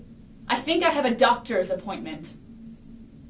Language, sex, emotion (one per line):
English
female
angry